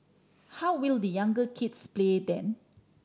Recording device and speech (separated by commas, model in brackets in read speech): standing microphone (AKG C214), read sentence